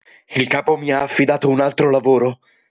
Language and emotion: Italian, neutral